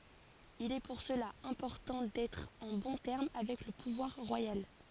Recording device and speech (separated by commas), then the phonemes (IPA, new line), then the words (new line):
forehead accelerometer, read sentence
il ɛ puʁ səla ɛ̃pɔʁtɑ̃ dɛtʁ ɑ̃ bɔ̃ tɛʁm avɛk lə puvwaʁ ʁwajal
Il est pour cela important d'être en bons termes avec le pouvoir royal.